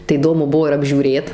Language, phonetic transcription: Lithuanian, tai įˈdomu ˈbuo ir apžiūˈrėt

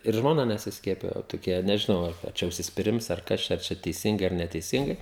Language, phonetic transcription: Lithuanian, ir žmoˈna nesisˈkiepijo toˈkie nežiˈnau ˈar a ˈčia užsispiˈrims ar ˈkas čia ar ˈčia teiˈsingai ar neteiˈsingai

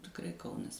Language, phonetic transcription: Lithuanian, tikˈrai ˈkaunas

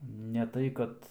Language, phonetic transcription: Lithuanian, ne ˈtai kad

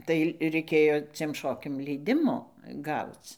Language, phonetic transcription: Lithuanian, tai reiˈkėjo ciem ˈšokiam leiˈdimo ˈgauc

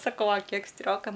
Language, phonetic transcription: Lithuanian, saˈkau a ˈkiek ˈstrioka

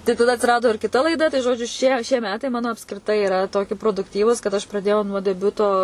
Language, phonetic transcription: Lithuanian, tai taˈda atsiˈrado ir kiˈta laiˈda tai ˈžodžiu šie šie ˈmetai ˈmano apskriˈtai iˈra ˈtoki produkˈtyvūs kad ˈaš praˈdėjau nuo deˈbiuto

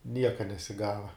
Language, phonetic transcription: Lithuanian, ˈnieka nesiˈgava

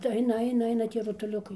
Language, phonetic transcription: Lithuanian, tai ˈainaˈ aina ˈaina ˈtie rutuˈliukai

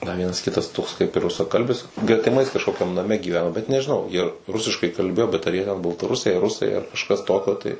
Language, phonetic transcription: Lithuanian, dar ˈvienas ˈkitas toks kaip ir rusaˈkalbis gretiˈmais kažˈkokiam naˈme gyˈveno bet nežiˈnau jie ˈrusiškai kalˈbėjo bet ar jie ten baltaˈrusiai ar ˈrusai ar kažˈkas ˈtokio tai

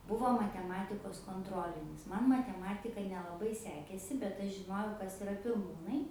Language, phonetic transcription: Lithuanian, ˈbuvo mateˈmatikos konˈtrolinis ˈman mateˈmatika nelaˈbai ˈsekėsi bet ˈaš žiˈnojau ˈkas iˈra pirˈmūnai

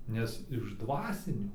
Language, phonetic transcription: Lithuanian, ˈnes iš ˈdvasinių

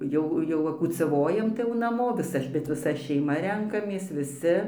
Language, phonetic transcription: Lithuanian, ˈjau jau va kūcaˈvojam tai jau naˈmo viˈsa bet viˈsa šeiˈma ˈrenkamės viˈsi

